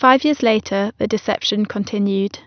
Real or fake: real